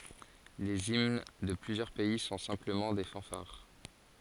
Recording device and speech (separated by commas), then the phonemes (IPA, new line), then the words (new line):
forehead accelerometer, read sentence
lez imn də plyzjœʁ pɛi sɔ̃ sɛ̃pləmɑ̃ de fɑ̃faʁ
Les hymnes de plusieurs pays sont simplement des fanfares.